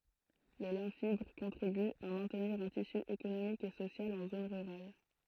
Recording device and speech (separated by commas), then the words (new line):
throat microphone, read sentence
Le lin fibre contribue à maintenir un tissu économique et social en zones rurales.